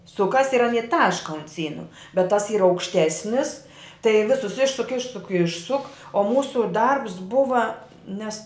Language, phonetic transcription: Lithuanian, ˈsukas ir aˈny ˈtaška unt ˈsynu bet tas yr aukšˈtesnis tai ˈvisus ˈišsuk ˈišsuk ˈišsuk o ˈmūsu ˈdarbs ˈbuva ˈnes

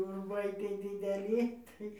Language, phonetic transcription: Lithuanian, urˈvai ˈtiej dideˈli ˈtai

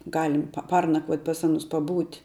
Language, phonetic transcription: Lithuanian, ˈgalim pa ˈparnakvuot pas ˈanus paˈbūt'

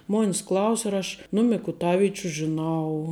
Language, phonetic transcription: Lithuanian, ˈmon's ˈklaus' ar ˈaš nu mikuˈtavičiu žiˈnau

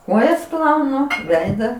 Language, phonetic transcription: Lithuanian, ˈkojas ˈplaunu ˈveida

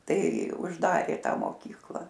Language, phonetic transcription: Lithuanian, ˈtai užˈdarė ˈtą moˈkykla

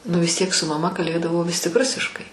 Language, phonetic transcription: Lithuanian, ˈnu vis ˈtiek su maˈma kalˈbėdavo ˈvis tik ˈrusiškai

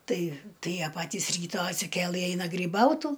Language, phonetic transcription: Lithuanian, ˈtai ˈtai ˈjie ˈpatys ˈrytą atsiˈkėlɨ ˈeina gryˈbautų

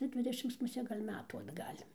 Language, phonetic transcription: Lithuanian, nu ˈdvidešims muˈsė gal' ˈmetų atˈgal'

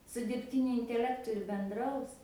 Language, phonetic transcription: Lithuanian, su dirbˈtiniu inteˈlektu ir benˈdraus

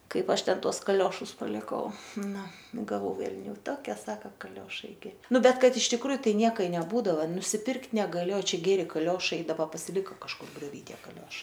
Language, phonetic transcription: Lithuanian, ˈkaip ˈaš ˈten ˈtuos kaˈliošus paliˈkau ˈnu gaˈvau velˈnių ˈtokie ˈsaka kaˈliošai gi ˈnu ˈbet ˈkad iš tikˈrųju ˈtai ˈnieka i neˈbūdava nusiˈpirkt' negaˈli o ˈčia ˈgeri kaˈliošai i daˈba pasiˈlika kažˈkur grioˈvy ˈtie kaˈliošai

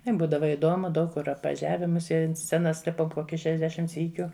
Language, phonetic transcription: Lithuanian, ˈten ˈbūdava iˈdomu ˈdaug kur apvaˈžiave muˈsie ant ˈscenas ˈlipom ˈkoki šešˈdešim ˈsykiu

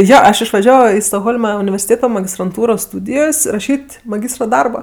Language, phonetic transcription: Lithuanian, ˈjo aš išvaˈžiavo ˈį stokˈholma universiˈtėto magistranˈtūros studijos raˈšyt' maˈgystra ˈdarba

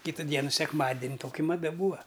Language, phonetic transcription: Lithuanian, ˈkytu ˈdienu sekˈmadin' ˈtoki maˈda ˈbūa

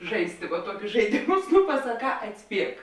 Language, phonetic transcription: Lithuanian, ˈžaisti va ˈtuokius žaiˈdėmus nu pasaˈkā atsˈpiek

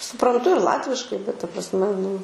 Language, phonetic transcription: Lithuanian, supranˈtu ir ˈlatviškai bet ta prasˈme nu

